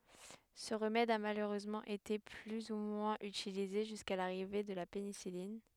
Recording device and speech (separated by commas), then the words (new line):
headset microphone, read sentence
Ce remède a malheureusement été plus ou moins utilisé jusqu'à l'arrivée de la pénicilline.